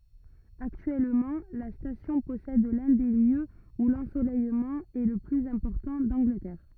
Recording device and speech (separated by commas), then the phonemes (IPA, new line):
rigid in-ear microphone, read sentence
aktyɛlmɑ̃ la stasjɔ̃ pɔsɛd lœ̃ de ljøz u lɑ̃solɛjmɑ̃ ɛ lə plyz ɛ̃pɔʁtɑ̃ dɑ̃ɡlətɛʁ